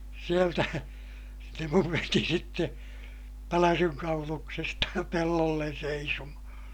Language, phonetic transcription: Finnish, sieltä , se muv veti sitte , päläsyŋ kauluksesta , pellollen seisomahaa̰ .
- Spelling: sieltä se minun veti sitten pälsyn kauluksesta pellolle seisomaan

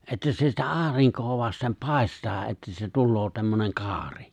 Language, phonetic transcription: Finnish, '’että se sitä '’aariŋk̀oo 'vastem 'pài̬staa ’että se 'tulloo tämmöneŋ 'kaari .
- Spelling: että se sitä aurinkoa vasten paistaa että se tulee tämmöinen kaari

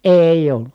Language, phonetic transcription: Finnish, èi̮ʲ ‿ollu .
- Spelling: ei ollut

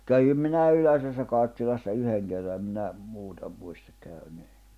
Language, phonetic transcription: Finnish, 'kävim minä̀ "Yläsessä Karttilassa 'yheŋ kerra em minä , 'muuta , muistᴀk käynee[ń] .
- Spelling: kävin minä Yläsessä Karttilassa yhden kerran en minä muuta muista käyneeni

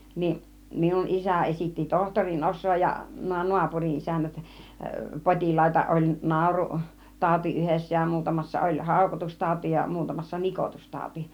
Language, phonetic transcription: Finnish, 'ni , 'minun 'isä esitti 'tohtorin 'os̆soo ja , nuo 'nuapuri 'ˀisännät , 'pot͕ilaita , oĺ "nàuru- , "tàuti 'yhessä ja 'muutamassa oĺ "hàukotustàuti ja muutamassa 'nikotustàuti .
- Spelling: niin minun isä esitti tohtorin osaa ja nuo naapurin isännät potilaita oli - naurutauti yhdessä ja muutamassa oli haukotustauti ja muutamassa nikotustauti

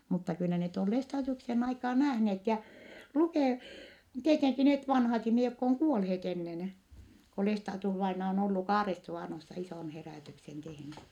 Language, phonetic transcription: Finnish, mutta kyllä net on Lestaadiuksen aikaan nähneet jä , lukè- , tieteŋki net vanhat ihmihe jokk ‿oŋ kuolheet ennen , ko Lestaadius-vaina on ollu Kaaressuvànossa isòn herä̀tyksen tehny .
- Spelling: mutta kyllä ne on Lestadiuksen aikaan nähneet ja - tietenkin ne vanhat ihmiset jotka on kuolleet ennen kuin Lestadius-vainaja on ollut Kaaresuvanossa ison herätyksen tehnyt

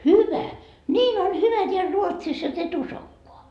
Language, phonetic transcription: Finnish, "hyvä , "ńiin on 'hyvä teäl 'Ruotsis jot ‿et 'usokkoa .
- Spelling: hyvä niin on hyvä täällä Ruotsissa jotta et uskokaan

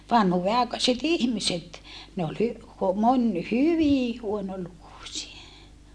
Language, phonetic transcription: Finnish, vanhuuve₍àekaset ‿ihmiset , ne ol hy- , moń hyvì huonolukusie .
- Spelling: vanhuudenaikaiset ihmiset ne oli - moni hyvin huonolukuisia

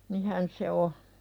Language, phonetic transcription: Finnish, 'nihän se "o .
- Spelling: niinhän se on

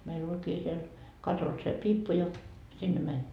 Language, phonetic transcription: Finnish, meil'l ‿oĺkii siel , 'katos se "piippu ja , 'sinne mäń .
- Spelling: meillä olikin siellä katossa se piippu ja sinne meni

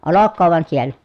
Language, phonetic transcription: Finnish, olokkoov vᵒan siel̀ä !
- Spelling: olkoon vain siellä

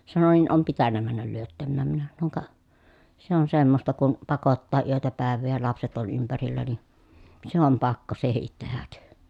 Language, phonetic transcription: Finnish, sano » niin om pitännä männäl lyöttämmääm » minä sanoŋ » ka , se on semmosta kun , pakottaa yötä pä̀ev̆vee ja lapset ol ympärillä ni , se om pakko sehit tehäk .
- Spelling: sanoi niin on pitänyt mennä lyöttämään minä sanoin ka se on semmoista kun pakottaa yötä päivää ja lapset oli ympärillä niin se on pakko sekin tehdä

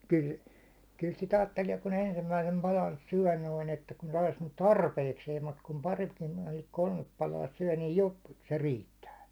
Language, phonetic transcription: Finnish, kyl , kyl sit 'aattelie kun 'ensimmäisem 'palan "syäₒ noiŋ että , kun sais nyt "tarpeikseem mut kum 'paritkin noiŋ 'kolmep palaa syäₒ , niij jop- , se 'riittää .
- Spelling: kyllä kyllä sitä ajattelee kun ensimmäisen palan syö noin että kun saisi nyt tarpeikseen mutta kun paritkin noin kolme palaa syö niin - se riittää

